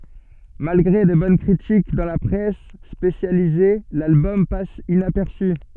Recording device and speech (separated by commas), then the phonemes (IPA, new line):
soft in-ear microphone, read sentence
malɡʁe də bɔn kʁitik dɑ̃ la pʁɛs spesjalize lalbɔm pas inapɛʁsy